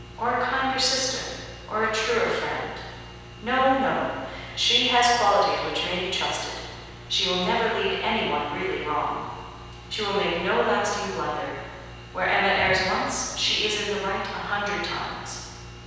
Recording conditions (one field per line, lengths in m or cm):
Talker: one person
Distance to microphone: 7.1 m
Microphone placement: far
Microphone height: 1.7 m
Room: very reverberant, large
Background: none